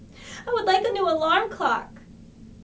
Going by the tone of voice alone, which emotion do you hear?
sad